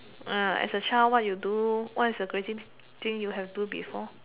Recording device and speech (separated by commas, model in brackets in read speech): telephone, conversation in separate rooms